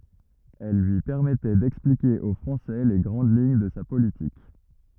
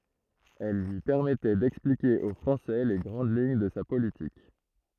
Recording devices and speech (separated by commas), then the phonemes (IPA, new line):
rigid in-ear microphone, throat microphone, read sentence
ɛl lyi pɛʁmɛtɛ dɛksplike o fʁɑ̃sɛ le ɡʁɑ̃d liɲ də sa politik